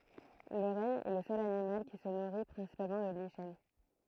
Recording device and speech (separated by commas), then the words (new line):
throat microphone, read sentence
Le renne est le seul animal qui se nourrit principalement de lichens.